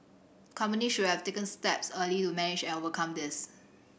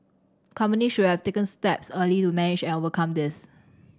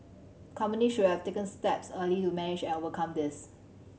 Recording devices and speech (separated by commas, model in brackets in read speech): boundary microphone (BM630), standing microphone (AKG C214), mobile phone (Samsung C7100), read sentence